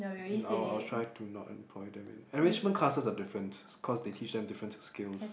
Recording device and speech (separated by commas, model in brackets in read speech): boundary microphone, conversation in the same room